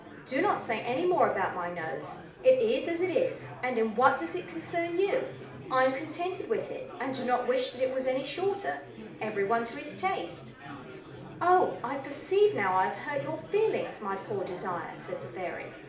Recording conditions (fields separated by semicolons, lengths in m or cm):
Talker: one person; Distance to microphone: 2.0 m; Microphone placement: close; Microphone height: 99 cm; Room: medium-sized (5.7 m by 4.0 m); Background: babble